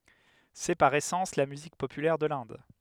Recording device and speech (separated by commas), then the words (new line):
headset microphone, read sentence
C'est, par essence, la musique populaire de l'Inde.